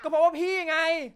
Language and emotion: Thai, angry